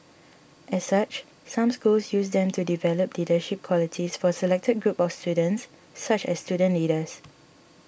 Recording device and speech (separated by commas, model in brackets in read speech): boundary microphone (BM630), read sentence